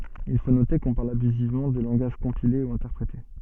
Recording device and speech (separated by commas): soft in-ear microphone, read sentence